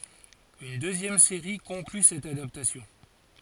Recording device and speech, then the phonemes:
forehead accelerometer, read sentence
yn døzjɛm seʁi kɔ̃kly sɛt adaptasjɔ̃

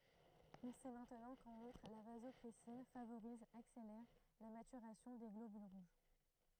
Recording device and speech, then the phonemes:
throat microphone, read sentence
ɔ̃ sɛ mɛ̃tnɑ̃ kɑ̃n utʁ la vazɔpʁɛsin favoʁiz akselɛʁ la matyʁasjɔ̃ de ɡlobyl ʁuʒ

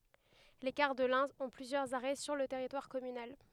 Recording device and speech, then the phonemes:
headset microphone, read sentence
le kaʁ də lɛ̃ ɔ̃ plyzjœʁz aʁɛ syʁ lə tɛʁitwaʁ kɔmynal

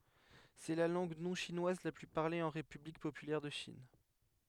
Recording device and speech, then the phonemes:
headset microphone, read sentence
sɛ la lɑ̃ɡ nɔ̃ʃinwaz la ply paʁle ɑ̃ ʁepyblik popylɛʁ də ʃin

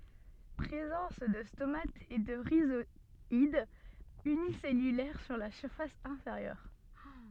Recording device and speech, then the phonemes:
soft in-ear microphone, read sentence
pʁezɑ̃s də stomatz e də ʁizwadz ynisɛlylɛʁ syʁ la fas ɛ̃feʁjœʁ

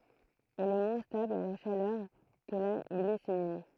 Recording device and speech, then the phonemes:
throat microphone, read sentence
ɛl ɛ mwɛ̃ stabl a la ʃalœʁ kə la ɡlisinin

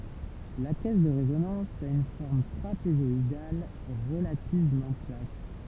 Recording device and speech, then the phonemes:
temple vibration pickup, read sentence
la kɛs də ʁezonɑ̃s a yn fɔʁm tʁapezɔidal ʁəlativmɑ̃ plat

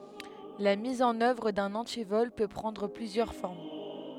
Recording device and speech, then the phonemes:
headset microphone, read sentence
la miz ɑ̃n œvʁ dœ̃n ɑ̃tivɔl pø pʁɑ̃dʁ plyzjœʁ fɔʁm

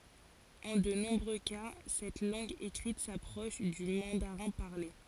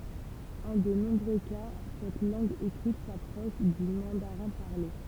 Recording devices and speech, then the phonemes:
forehead accelerometer, temple vibration pickup, read sentence
ɑ̃ də nɔ̃bʁø ka sɛt lɑ̃ɡ ekʁit sapʁɔʃ dy mɑ̃daʁɛ̃ paʁle

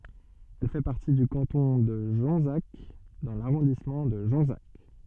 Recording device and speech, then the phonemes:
soft in-ear microphone, read sentence
ɛl fɛ paʁti dy kɑ̃tɔ̃ də ʒɔ̃zak dɑ̃ laʁɔ̃dismɑ̃ də ʒɔ̃zak

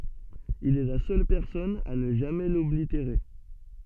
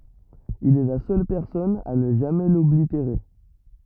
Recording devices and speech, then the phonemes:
soft in-ear microphone, rigid in-ear microphone, read sentence
il ɛ la sœl pɛʁsɔn a nə ʒamɛ lɔbliteʁe

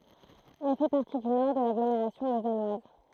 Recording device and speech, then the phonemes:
throat microphone, read sentence
ɛl fɛ paʁti dy nɔʁ də laɡlomeʁasjɔ̃ lozanwaz

